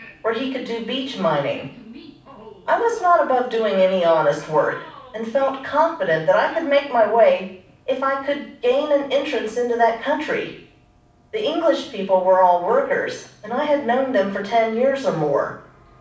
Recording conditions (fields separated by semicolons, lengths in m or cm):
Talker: one person; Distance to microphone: 5.8 m; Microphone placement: far; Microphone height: 1.8 m; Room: medium-sized (5.7 m by 4.0 m); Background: television